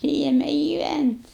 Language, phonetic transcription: Lithuanian, ˈpryeme giˈvænt'

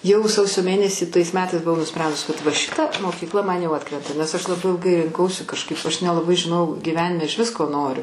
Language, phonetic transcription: Lithuanian, ˈjau ˈsausio ˈmėnesį tais ˈmetais buˈvau nuˈsprendus kad va ˈšita mokykˈla ˈman jau ˈatkrenta nes aš laˈbai ilˈgai rinˈkausi kažˈkaip aš nelaˈbai žiˈnojau gyˈvenime išˈvis ko ˈnoriu

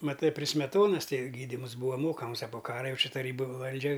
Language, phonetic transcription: Lithuanian, maˈtɨ pri smeˈtonas ˈtai gyˈdyms ˈbūva ˈmokams a po ˈkara ˈjau ˈči taˈrybu ˈvaldžia

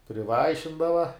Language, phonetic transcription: Lithuanian, priˈvaišindava

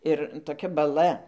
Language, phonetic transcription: Lithuanian, ˈir toˈkia baˈla

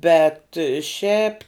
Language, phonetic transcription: Lithuanian, ˈbet ˈšiap

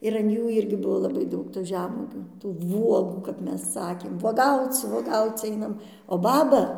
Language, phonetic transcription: Lithuanian, ir an ˈjų ˈirgi ˈbuvo laˈbai ˈdaug tų ˈžemuogių tų ˈvuogų kap ˈmes ˈsakėm vuoˈgauc vuoˈgauc ˈainam o ˈbaba

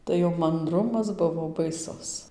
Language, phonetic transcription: Lithuanian, tai jau manˈdrumas ˈbuvo baiˈsus

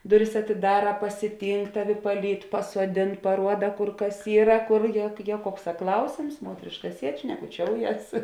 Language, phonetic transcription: Lithuanian, ˈduˌris atiˈdara pasiˈtynk ˈtaˌvi paˈlyd pasuoˈdėn paˈruoda ˈkur ˈkas ˈyra ˈkor ˈje ˈjie ˈkuokˌsā ˈklausėms ˈmuotrėška ˈsied šnekuˈčiouˌjes

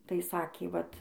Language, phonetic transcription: Lithuanian, tai ˈsakė vat

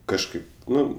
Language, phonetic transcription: Lithuanian, kažˈkaip ˈnu

